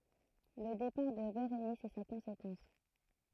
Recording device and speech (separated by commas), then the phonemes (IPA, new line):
throat microphone, read sentence
lə depaʁ də beʁenis ɛ sa kɔ̃sekɑ̃s